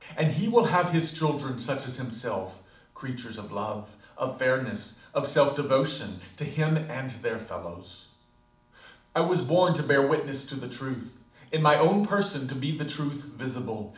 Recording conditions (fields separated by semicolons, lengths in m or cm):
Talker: one person; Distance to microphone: 2.0 m; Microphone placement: close; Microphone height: 99 cm; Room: medium-sized (5.7 m by 4.0 m); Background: none